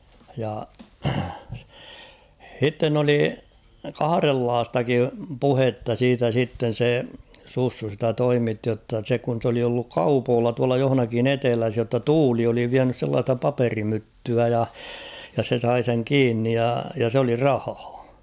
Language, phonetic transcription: Finnish, ja , 'h̬itten ‿oli "kaharellaastakim "puhetta 'siitä sitten̬ 'se , 'Sussu sitä "toimitti jotta se kun̬ s ‿oli olluk "kaupoolla tuala johᵒnakin ‿"eteläs jotta "tuuli oli 'viänys sellaasta "paperi'myttyä ja , ja 'se 'sai seŋ "kiinnij ja , ja s ‿oli "rahᴀᴀ .
- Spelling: ja sitten oli kahdenlaistakin puhetta siitä sitten se Sussu sitä toimitti jotta se kun se oli ollut kaupoilla tuolla jossakin etelässä jotta tuuli oli vienyt sellaista paperimyttyä ja ja se sai sen kiinni ja ja se oli rahaa

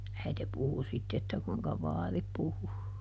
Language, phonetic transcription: Finnish, ˈäite ˈpuhu sitte että kuiŋka "vaari ˈpuhu .
- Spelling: äiti puhui sitten että kuinka vaari puhui

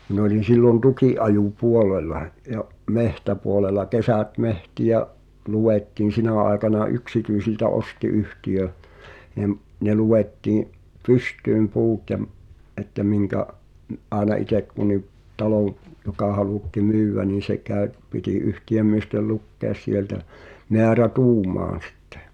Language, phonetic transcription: Finnish, min ‿oĺin̬ 'sillon "tuki’’aju"puolela ja’ , "mehtäpuolela 'kesä̀t "mehti₍ä’ , 'luwettiin̬ "sinä̀ aekana 'yksityisiltä "osti 'yhtiʲö , ni̬m , ne 'luwettiiⁱ̰’ , "pyst̀yym 'puut ja m- , ’että 'miŋkä’ , m- , ’àena 'itek kun̆ni’ , 'talow , 'joka halùtti "myywvä niin̬ se kä̀y̬- , 'piti "yhti₍ömmiestel 'lukkèᵃs 'sieltä , 'meärä"tuumaan̬ sᴵttᴇ .
- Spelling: minä olin silloin tukinajopuolella ja metsäpuolella kesät metsiä luettiin sinä aikana yksityisiltä osti yhtiö niin ne luettiin pystyyn puut ja - että minkä - aina itse kunkin talon joka halutti myydä niin se - piti yhtiömiesten lukea sieltä määrätuumaan sitten

